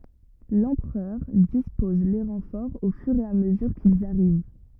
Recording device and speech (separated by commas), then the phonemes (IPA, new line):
rigid in-ear microphone, read sentence
lɑ̃pʁœʁ dispɔz le ʁɑ̃fɔʁz o fyʁ e a məzyʁ kilz aʁiv